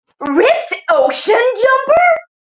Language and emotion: English, disgusted